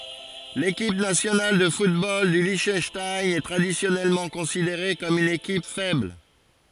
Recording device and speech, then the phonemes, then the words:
forehead accelerometer, read sentence
lekip nasjonal də futbol dy liʃtœnʃtajn ɛ tʁadisjɔnɛlmɑ̃ kɔ̃sideʁe kɔm yn ekip fɛbl
L'équipe nationale de football du Liechtenstein est traditionnellement considérée comme une équipe faible.

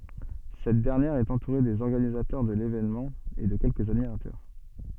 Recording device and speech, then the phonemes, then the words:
soft in-ear microphone, read sentence
sɛt dɛʁnjɛʁ ɛt ɑ̃tuʁe dez ɔʁɡanizatœʁ də levenmɑ̃ e də kɛlkəz admiʁatœʁ
Cette dernière est entourée des organisateurs de l'événement et de quelques admirateurs.

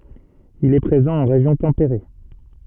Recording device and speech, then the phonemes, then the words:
soft in-ear microphone, read sentence
il ɛ pʁezɑ̃ ɑ̃ ʁeʒjɔ̃ tɑ̃peʁe
Il est présent en région tempérée.

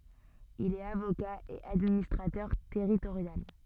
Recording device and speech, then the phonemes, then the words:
soft in-ear microphone, read sentence
il ɛt avoka e administʁatœʁ tɛʁitoʁjal
Il est avocat et administrateur territorial.

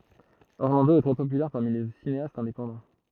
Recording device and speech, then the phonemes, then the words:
throat microphone, read sentence
ɔʁlɑ̃do ɛ tʁɛ popylɛʁ paʁmi le sineastz ɛ̃depɑ̃dɑ̃
Orlando est très populaire parmi les cinéastes indépendants.

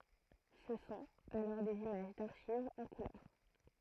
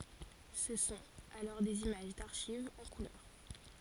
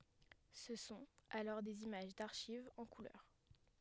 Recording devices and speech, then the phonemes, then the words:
throat microphone, forehead accelerometer, headset microphone, read sentence
sə sɔ̃t alɔʁ dez imaʒ daʁʃivz ɑ̃ kulœʁ
Ce sont alors des images d'archives en couleur.

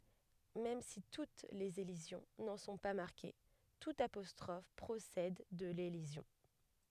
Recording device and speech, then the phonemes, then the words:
headset microphone, read sentence
mɛm si tut lez elizjɔ̃ nɑ̃ sɔ̃ pa maʁke tut apɔstʁɔf pʁosɛd də lelizjɔ̃
Même si toutes les élisions n’en sont pas marquées, toute apostrophe procède de l’élision.

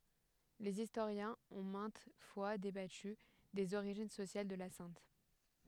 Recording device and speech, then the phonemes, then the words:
headset microphone, read sentence
lez istoʁjɛ̃z ɔ̃ mɛ̃t fwa debaty dez oʁiʒin sosjal də la sɛ̃t
Les historiens ont maintes fois débattu des origines sociales de la sainte.

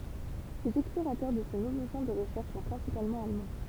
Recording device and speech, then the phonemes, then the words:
temple vibration pickup, read sentence
lez ɛksploʁatœʁ də sə nuvo ʃɑ̃ də ʁəʃɛʁʃ sɔ̃ pʁɛ̃sipalmɑ̃ almɑ̃
Les explorateurs de ce nouveau champ de recherches sont principalement allemands.

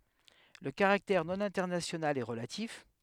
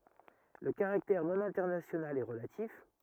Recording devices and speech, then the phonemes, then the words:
headset microphone, rigid in-ear microphone, read sentence
lə kaʁaktɛʁ nonɛ̃tɛʁnasjonal ɛ ʁəlatif
Le caractère non-international est relatif.

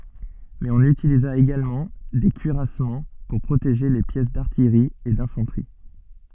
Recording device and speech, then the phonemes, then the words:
soft in-ear microphone, read sentence
mɛz ɔ̃n ytiliza eɡalmɑ̃ de kyiʁasmɑ̃ puʁ pʁoteʒe le pjɛs daʁtijʁi e dɛ̃fɑ̃tʁi
Mais on utilisa également des cuirassements pour protéger les pièces d'artillerie et d'infanterie.

